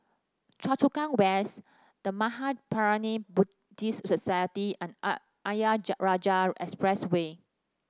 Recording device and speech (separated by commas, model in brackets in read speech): standing microphone (AKG C214), read sentence